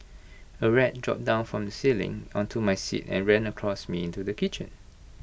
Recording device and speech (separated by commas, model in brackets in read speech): boundary microphone (BM630), read sentence